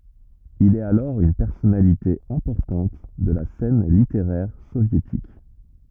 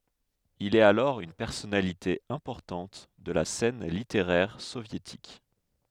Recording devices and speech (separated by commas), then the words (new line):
rigid in-ear microphone, headset microphone, read sentence
Il est alors une personnalité importante de la scène littéraire soviétique.